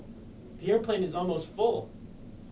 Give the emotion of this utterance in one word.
neutral